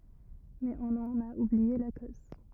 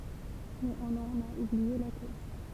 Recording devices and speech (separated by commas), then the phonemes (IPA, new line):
rigid in-ear microphone, temple vibration pickup, read sentence
mɛz ɔ̃n ɑ̃n a ublie la koz